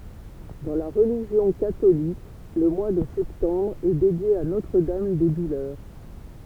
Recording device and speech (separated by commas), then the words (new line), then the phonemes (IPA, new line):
temple vibration pickup, read sentence
Dans la religion catholique, le mois de septembre est dédié à Notre-Dame des Douleurs.
dɑ̃ la ʁəliʒjɔ̃ katolik lə mwa də sɛptɑ̃bʁ ɛ dedje a notʁ dam de dulœʁ